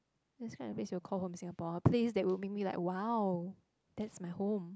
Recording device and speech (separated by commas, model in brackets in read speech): close-talking microphone, conversation in the same room